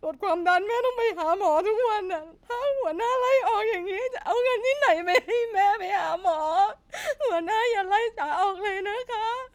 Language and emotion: Thai, sad